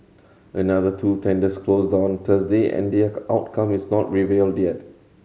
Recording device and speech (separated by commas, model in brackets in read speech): mobile phone (Samsung C7100), read sentence